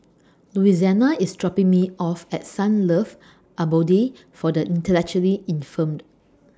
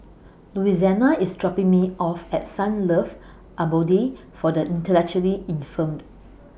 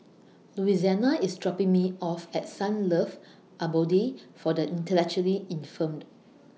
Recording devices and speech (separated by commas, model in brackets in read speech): standing microphone (AKG C214), boundary microphone (BM630), mobile phone (iPhone 6), read sentence